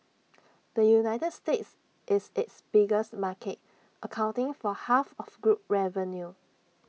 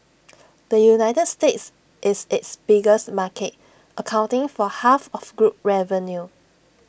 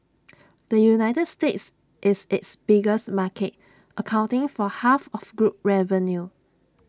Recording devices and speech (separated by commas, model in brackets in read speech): mobile phone (iPhone 6), boundary microphone (BM630), standing microphone (AKG C214), read sentence